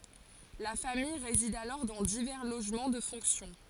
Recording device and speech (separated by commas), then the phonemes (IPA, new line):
forehead accelerometer, read sentence
la famij ʁezid alɔʁ dɑ̃ divɛʁ loʒmɑ̃ də fɔ̃ksjɔ̃